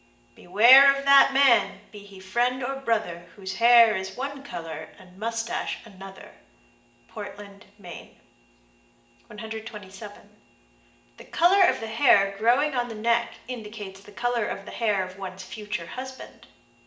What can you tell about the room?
A large room.